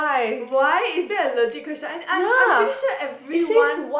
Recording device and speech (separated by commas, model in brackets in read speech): boundary microphone, conversation in the same room